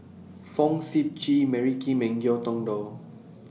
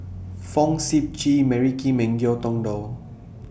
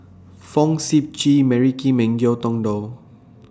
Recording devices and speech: mobile phone (iPhone 6), boundary microphone (BM630), standing microphone (AKG C214), read sentence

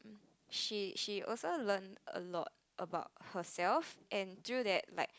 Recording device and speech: close-talking microphone, conversation in the same room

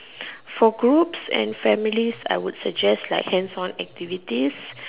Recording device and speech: telephone, conversation in separate rooms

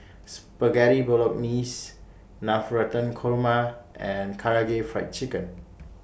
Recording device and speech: boundary microphone (BM630), read sentence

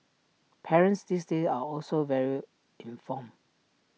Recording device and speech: mobile phone (iPhone 6), read sentence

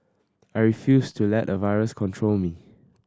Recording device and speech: standing microphone (AKG C214), read sentence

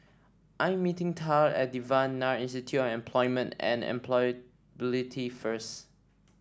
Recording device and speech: standing microphone (AKG C214), read sentence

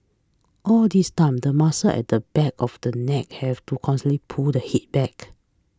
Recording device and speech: close-talking microphone (WH20), read sentence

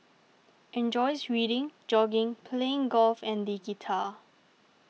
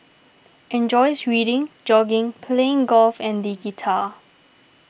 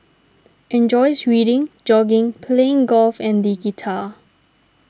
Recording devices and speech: mobile phone (iPhone 6), boundary microphone (BM630), standing microphone (AKG C214), read sentence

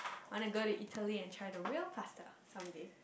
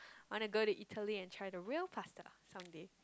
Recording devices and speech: boundary microphone, close-talking microphone, conversation in the same room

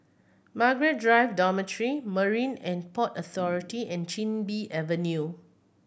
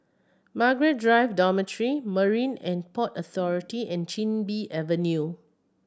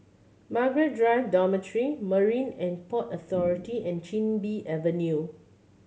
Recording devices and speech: boundary microphone (BM630), standing microphone (AKG C214), mobile phone (Samsung C7100), read sentence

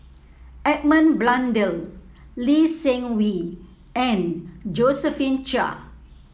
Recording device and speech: mobile phone (iPhone 7), read sentence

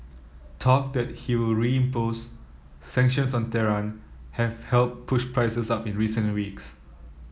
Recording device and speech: mobile phone (iPhone 7), read sentence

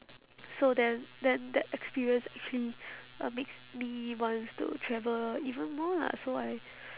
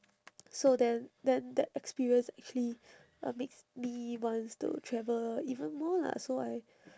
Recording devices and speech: telephone, standing microphone, conversation in separate rooms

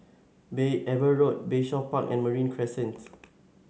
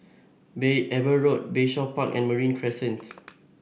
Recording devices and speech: mobile phone (Samsung S8), boundary microphone (BM630), read sentence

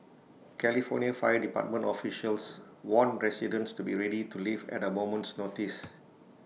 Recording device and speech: mobile phone (iPhone 6), read sentence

